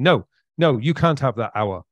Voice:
harsh voice